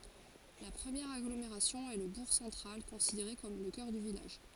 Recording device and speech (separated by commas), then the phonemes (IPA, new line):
forehead accelerometer, read sentence
la pʁəmjɛʁ aɡlomeʁasjɔ̃ ɛ lə buʁ sɑ̃tʁal kɔ̃sideʁe kɔm lə kœʁ dy vilaʒ